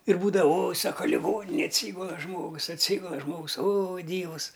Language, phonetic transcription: Lithuanian, ir ˈbūdava oj ˈsaka liˈgoninėj atˈsygula ˈžmogus atˈsygula ˈžmogus o ˈdyvus

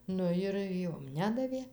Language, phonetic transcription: Lithuanian, ˈnu jir ˈjom ˈnedavė

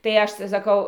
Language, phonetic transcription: Lithuanian, tai ˈaš tai saˈkau

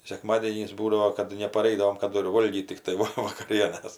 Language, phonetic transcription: Lithuanian, seˈkmadienys ˈbūdavo kad nepaˈraidavom kaˈdu ir ˈvolgyt tikˈtai ˈva vakaˈrienas

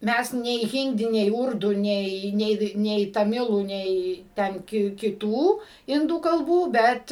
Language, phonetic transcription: Lithuanian, ˈmæs nei ˈhindi nei ˈurdu ˈnei ˈnei nei taˈmilų ˈnei ˈten ki kiˈtų ˈindų kalˈbų ˈbet

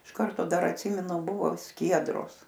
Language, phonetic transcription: Lithuanian, iš ˈkarto ˈdar atˈsymenu ˈbuvo ˈskiedros

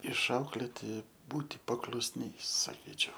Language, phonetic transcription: Lithuanian, išˈauklėti ˈbūti paklusˈniais saˈkyčiau

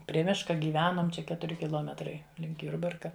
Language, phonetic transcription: Lithuanian, prie ˈmiška gyˈvenom ˈčia ˈketuri kiˈlometrai link ˈjurbarka

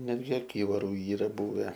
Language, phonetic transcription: Lithuanian, ˈnetgi aˈkyvaru ˈyra ˈbuve

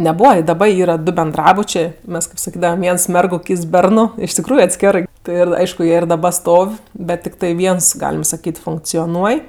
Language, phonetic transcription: Lithuanian, neˈbūva i daˈba ˈyra du benˈdrabučė ˈmes kɜp saˈkydavam ˈviens ˈmergu ˈkyts ˈbernu iš tikˈrųju atˈskerɜ ˈtɜ ir ˈaišku ˈjie ir daˈba ˈstov' ˈbet tikˈtai ˈviens ˈgalim saˈkyt funkcioˈnuoj

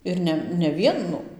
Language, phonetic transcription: Lithuanian, ir ˈne ne ˈvienu

